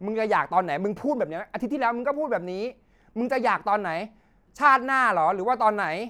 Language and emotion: Thai, angry